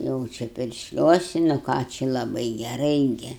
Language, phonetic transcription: Lithuanian, ˈjau čia piršˈliuosi nu ˈką či laˈbai geˈrai ˈgi

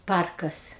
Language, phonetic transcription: Lithuanian, ˈparkas

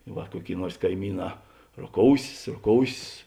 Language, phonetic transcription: Lithuanian, ˈva ˈkuoˌkėi ˈnuors kaiˈmyˌnā roˈkousės roˈkousės

